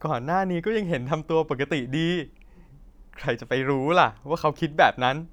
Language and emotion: Thai, happy